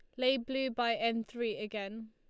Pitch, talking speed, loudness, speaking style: 230 Hz, 190 wpm, -34 LUFS, Lombard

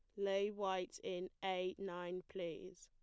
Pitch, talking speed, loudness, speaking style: 185 Hz, 135 wpm, -43 LUFS, plain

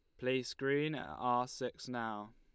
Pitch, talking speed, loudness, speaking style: 125 Hz, 170 wpm, -38 LUFS, Lombard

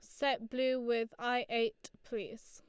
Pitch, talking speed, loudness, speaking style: 245 Hz, 160 wpm, -35 LUFS, Lombard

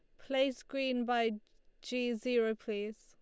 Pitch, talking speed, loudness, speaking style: 240 Hz, 130 wpm, -35 LUFS, Lombard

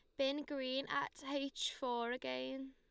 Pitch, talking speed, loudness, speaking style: 265 Hz, 145 wpm, -41 LUFS, Lombard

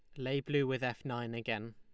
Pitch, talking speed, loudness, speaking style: 125 Hz, 235 wpm, -36 LUFS, Lombard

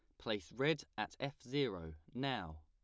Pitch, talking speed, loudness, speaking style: 120 Hz, 150 wpm, -41 LUFS, plain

